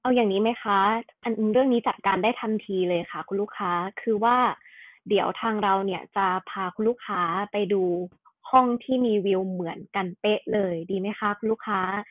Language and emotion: Thai, neutral